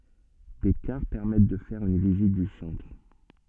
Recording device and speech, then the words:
soft in-ear microphone, read sentence
Des cars permettent de faire une visite du centre.

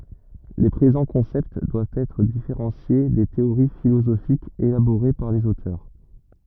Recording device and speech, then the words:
rigid in-ear microphone, read sentence
Les présents concepts doivent être différenciés des théories philosophiques élaborées par les auteurs.

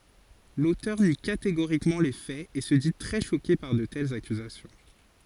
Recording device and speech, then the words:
forehead accelerometer, read sentence
L'auteur nie catégoriquement les faits et se dit très choqué par de telles accusations.

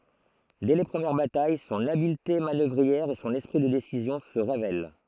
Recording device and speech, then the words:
throat microphone, read sentence
Dès les premières batailles, son habileté manœuvrière et son esprit de décision se révèlent.

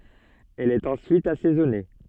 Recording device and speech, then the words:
soft in-ear microphone, read sentence
Elle est ensuite assaisonnée.

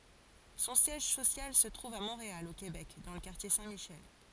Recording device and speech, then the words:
forehead accelerometer, read sentence
Son siège social se trouve à Montréal, au Québec, dans le quartier Saint-Michel.

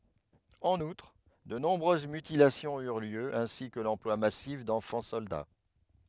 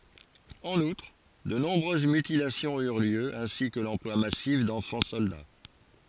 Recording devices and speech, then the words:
headset microphone, forehead accelerometer, read sentence
En outre, de nombreuses mutilations eurent lieu, ainsi que l'emploi massif d'enfants soldats.

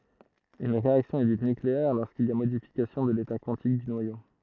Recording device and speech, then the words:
throat microphone, read sentence
Une réaction est dite nucléaire lorsqu'il y a modification de l'état quantique du noyau.

